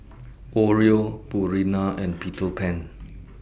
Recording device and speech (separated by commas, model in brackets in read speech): boundary microphone (BM630), read sentence